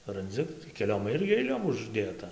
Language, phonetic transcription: Lithuanian, ranˈdzi keˈliom ˈirgi aiˈliom užˈdėta

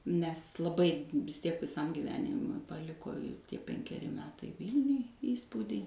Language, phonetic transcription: Lithuanian, nes laˈbai vis ˈtiek viˈsam gyˈvenimui paˈliko i ˈtie penkeˈri ˈmetai ˈvylniuj ˈįspūdį

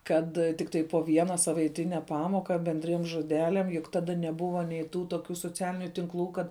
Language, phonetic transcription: Lithuanian, ˈkad tikˈtai po ˈviena savaiˈtine ˈpamoka benˈdriem žoˈdeliam juk ˈtada neˈbuva nei ˈtų toˈkių soˈcialiniu tinˈklų ˈkad

